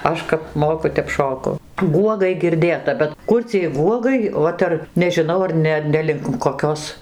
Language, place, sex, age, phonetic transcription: Lithuanian, Dzūkija, female, 60+, ˈaš kap ˈmoku ˈtep ˈšoku ˈguogai girˈdėta bet ˈkur ciej ˈguogai ˈot ar nežiˈnau ar ˈne ˈne link koˈkios

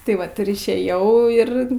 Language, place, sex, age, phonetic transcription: Lithuanian, Aukštaitija, female, 18-60, tai ˈvat ir išˈėjau ˈir

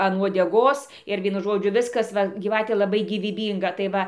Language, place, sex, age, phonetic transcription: Lithuanian, Dzūkija, female, 60+, an uodeˈgos ir ˈvienu ˈžodžiu ˈviskas ˈva gyˈvatė laˈbai gyvyˈbynga tai ˈva

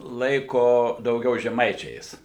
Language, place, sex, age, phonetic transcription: Lithuanian, Suvalkija, male, 60+, ˈlaiko dauˈgiau žeˈmaičiais

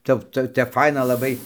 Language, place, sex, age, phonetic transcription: Lithuanian, Dzūkija, male, 60+, ˈtep ˈca tep ˈfaina laˈbai

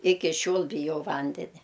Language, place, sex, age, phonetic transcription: Lithuanian, Aukštaitija, female, 60+, ˈiki ˈšiol biˈjau ˈvandenia

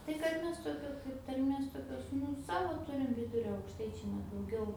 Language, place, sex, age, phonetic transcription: Lithuanian, Aukštaitija, female, 18-60, tai kad ˈmes toˈkio kaip tarˈmės tokˈios ˈnu ˈsavo ˈturim ˈvidurio aukšˈtaičiai ne dauˈgiau

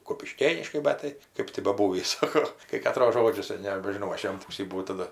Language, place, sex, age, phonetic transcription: Lithuanian, Aukštaitija, female, 60+, kupiˈškėniškai ˈbet tai ˈkɜp ti baˈbūvįs ˈsako kai kaˈtros ˈžodžius nebežiˈnau ˈaš jam ˈpūsį buˈvau taˈda

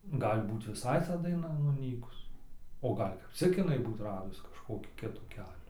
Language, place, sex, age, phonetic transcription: Lithuanian, Dzūkija, male, 18-60, ˈgal' ˈbūt viˈsai ta daiˈna nuˈnykus o ˈgal' kap ˈcik iˈnai ˈbūt ˈradus kažkoˈkį ˈkitų ˈkelių

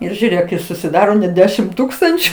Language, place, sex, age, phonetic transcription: Lithuanian, Aukštaitija, female, 60+, ˈir žiūˈrėk i susiˈdaro net ˈdešim ˈtūkstančiu

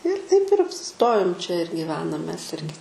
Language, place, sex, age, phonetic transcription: Lithuanian, Aukštaitija, female, 18-60, ir taip ir apsiˈstojom čia ir gyˈvenam mes ˈirgi

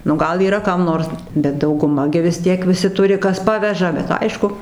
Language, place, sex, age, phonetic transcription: Lithuanian, Dzūkija, female, 60+, nu ˈgal yˈra ˈkam ˈnors bet dauguˈma gi vis ˈtiek viˈsi ˈturi ˈkas ˈpaveža bet ˈaišku

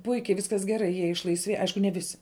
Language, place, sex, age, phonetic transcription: Lithuanian, Žemaitija, female, 18-60, ˈpuikiai ˈviskas geˈrai jie išlaisˈvėj ˈaišku ne ˈvisi

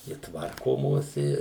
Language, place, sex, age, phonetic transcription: Lithuanian, Suvalkija, male, 60+, i ˈtvarkomos i

